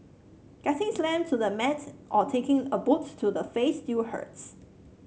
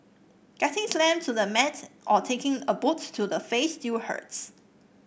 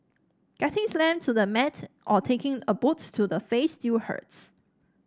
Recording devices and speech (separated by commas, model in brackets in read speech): mobile phone (Samsung C7), boundary microphone (BM630), standing microphone (AKG C214), read sentence